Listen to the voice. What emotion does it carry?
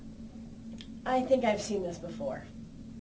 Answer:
neutral